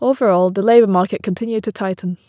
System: none